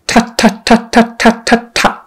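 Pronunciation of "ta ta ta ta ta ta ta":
The 'ta' syllables are said staccato: each one is very clipped and short.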